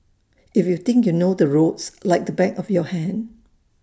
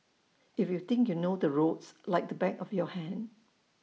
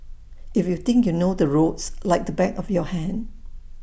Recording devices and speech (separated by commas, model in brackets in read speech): standing microphone (AKG C214), mobile phone (iPhone 6), boundary microphone (BM630), read sentence